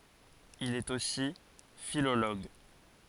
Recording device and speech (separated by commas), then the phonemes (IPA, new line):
forehead accelerometer, read sentence
il ɛt osi filoloɡ